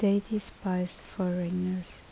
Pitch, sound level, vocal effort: 185 Hz, 71 dB SPL, soft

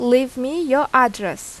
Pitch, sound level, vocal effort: 255 Hz, 87 dB SPL, loud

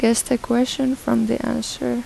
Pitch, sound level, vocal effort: 230 Hz, 80 dB SPL, soft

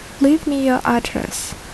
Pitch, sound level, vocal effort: 275 Hz, 72 dB SPL, soft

